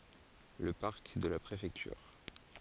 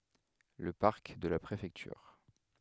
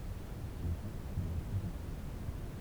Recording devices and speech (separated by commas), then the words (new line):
forehead accelerometer, headset microphone, temple vibration pickup, read sentence
Le parc de la Préfecture.